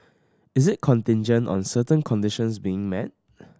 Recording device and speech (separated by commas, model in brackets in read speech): standing microphone (AKG C214), read sentence